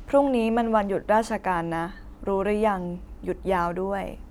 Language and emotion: Thai, neutral